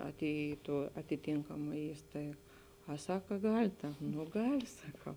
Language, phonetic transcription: Lithuanian, aˈtėji i tuo atiˈtėnkama ˈįstaig a ˈsaka ˈgal' ta nu ˈgal' saˈkau

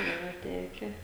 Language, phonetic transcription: Lithuanian, ˈyra ˈteke

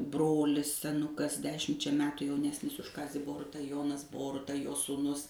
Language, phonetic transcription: Lithuanian, ˈbrolis seˈnukas ˈdešimčia ˈmetu jauˈnesnis už ˈkazį ˈboruta ˈjonas ˈboruta jo sūˈnus

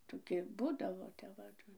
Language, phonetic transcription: Lithuanian, ˈtoˈki ˈbūdavo tep ˈva

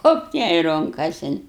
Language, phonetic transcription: Lithuanian, ˈhopt jai ˈrunkasin

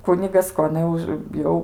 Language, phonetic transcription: Lithuanian, ˈkunigas ˈko aˈna už ˈjau

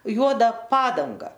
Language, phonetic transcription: Lithuanian, ˈjuoda ˈpadanga

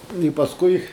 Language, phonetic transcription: Lithuanian, i pasˈkui

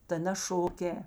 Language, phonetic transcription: Lithuanian, ta na ˈšoˌkē

